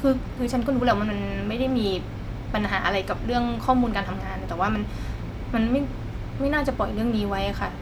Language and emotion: Thai, frustrated